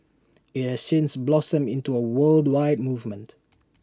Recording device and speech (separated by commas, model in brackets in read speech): standing microphone (AKG C214), read sentence